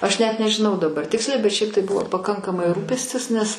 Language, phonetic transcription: Lithuanian, ˈaš net nežiˈnau daˈbar ˈtiksliai bet ˈšiaip tai ˈbuvo paˈkankamai ˈrūpestis nes

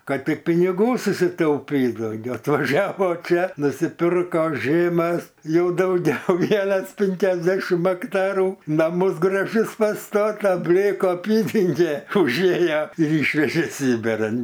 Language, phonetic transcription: Lithuanian, ˈkad ˈtik piniˈgų susitauˈpyt dauˈgiau atvaˈžiavo ˈčia nusiˈpirko ˈžėmas ˈjau dauˈgiau ˈvienas ˈpinkiasdešim akˈtarų ˈnamus graˈžius paˈstata ˈblėku aˈpydenge užˈėje ir ˈyšvežė ˈsybiran

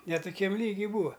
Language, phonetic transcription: Lithuanian, ne tuˈkiam ˈlygi ˈbūa

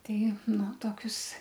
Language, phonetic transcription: Lithuanian, ˈtei ˈnu ˈtokius

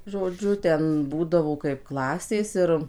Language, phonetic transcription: Lithuanian, žoˈdžiu ˈten ˈbūdavo kaip ˈklasės ˈir

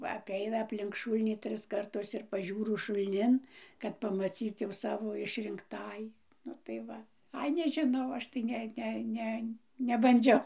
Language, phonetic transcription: Lithuanian, va apˈeina apˈlink ˈšūlnį ˈtris karˈtus ir paˈžiūru šulˈnin kad pamaˈcyc jau ˈsavo išrinkˈtąjį ˈnu tai ˈva ˈai nežiˈnau ˈaš tai ˈne ˈne ˈne nebanˈdžiau

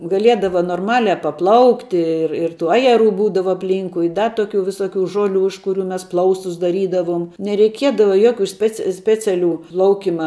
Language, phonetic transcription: Lithuanian, gaˈliedava norˈmalia paˈplaukti ˈir ir tų ˈajeˌrų ˈbūdava apˈlynkui i ˈda ˈtoˌkių viˈsoˌkių ˈžoˌlių iš kuˈrių mes ˈplaustus daˈrydavum nereiˈkiedava ˈjoˌkių ˈspec ˈspeciaˌlių ˈplaukima

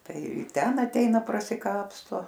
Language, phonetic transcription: Lithuanian, ˈtai ˈten atˈeina prasiˈkapsto

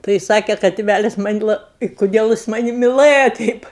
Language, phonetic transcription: Lithuanian, tai ˈsake ka tiˈvælis ˈman' la i kuˈdiel' ˈjis ˈmani miˈlɘja ˈteip

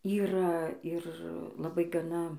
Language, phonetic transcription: Lithuanian, ˈyra ir laˈbai gaˈna

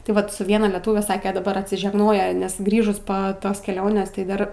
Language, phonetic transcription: Lithuanian, tai ˈvat su ˈviena leˈtūve ˈsake daˈbar atsižegˈnoja nes ˈgrįžus po ˈtos keˈlionės tai ˈdar

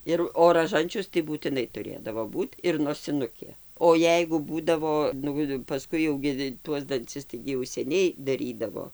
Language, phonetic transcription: Lithuanian, ˈir o raˈžančius tai būtiˈnai tuˈrėdavo ˈbūt ir nosiˈnukė o ˈjeigu ˈbūdavo ˈnu paˈskui jau ˈgi ˈtuos danˈcis ˈtaigi jau seˈniai daˈrydavo

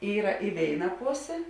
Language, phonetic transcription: Lithuanian, ˈyra i ˈvėina ˈposė

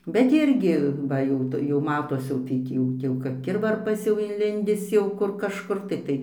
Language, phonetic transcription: Lithuanian, bet ˈirgi ˈba jau ˈtu jau ˈmatos jau tai ˈtį jau ˈtį jau kap ˈkirvarpas jau inˈlindis ˈjau ˈkur kažˈkur tai ˈtai

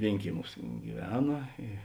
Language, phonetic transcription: Lithuanian, ˈvėinkieˌmiūs giˈvena i

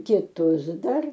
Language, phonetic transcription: Lithuanian, kiˈtus ˈdar

